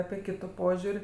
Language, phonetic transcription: Lithuanian, ˈapi ˈkitu ˈpožiur'

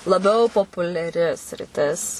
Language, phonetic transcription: Lithuanian, laˈbiau populiaˈri sriˈtis

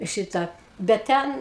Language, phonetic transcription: Lithuanian, ˈšitą ˈbet ˈten

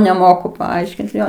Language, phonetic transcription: Lithuanian, neˈmoku paˈaiškint ˈjo

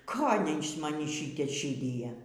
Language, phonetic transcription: Lithuanian, ˈkolei iš maˈnį ˈšite ˈšydija

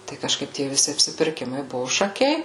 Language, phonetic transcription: Lithuanian, tai kažˈkaip tie viˈsi apsipirˈkimai ˈbuvu šaˈkiai

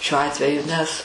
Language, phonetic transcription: Lithuanian, šiuo ˈatveju nes

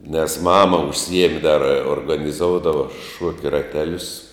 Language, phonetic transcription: Lithuanian, nes ˈmama užˈsiemi dar organiˈzoudava ˈšuokia raˈtelius

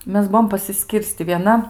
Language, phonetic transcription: Lithuanian, ˈmes ˈbuom pasiˈskyrsti vieˈna

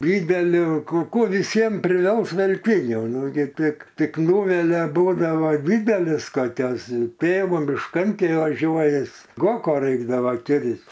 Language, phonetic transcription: Lithuanian, ˈdydeliu ˈkų ˈkų viˈsiem priˈvels velˈtinių ˈnu gi ˈtik ˈtik ˈnūvelia ˈbūdavo ˈdydelis koˈkios ˈtėvo mišˈkan ˈkai vaˈžiuoja ˈis ˈgoko ˈraikdava ˈkirs'

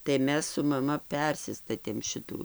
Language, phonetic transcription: Lithuanian, tai ˈmes su maˈma ˈpersistatėm ˈšitų

